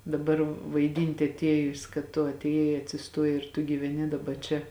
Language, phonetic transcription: Lithuanian, daˈbar vaiˈdynti atˈėjus kad tu atėˈjai atsiˈstojai ir tu gyveˈni daˈba čia

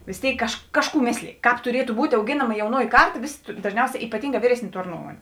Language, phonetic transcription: Lithuanian, vis ˈtėik kažk ˈkažˌkų ˈmėslėj ˈkāp tuˈrietu ˈbūt' auˈginama jauˈnuoji ˈkarˌta ˈvisi dažˈniausē ypaˈtyngā ˈvyresˌnė ˈtor ˈnuomuonė

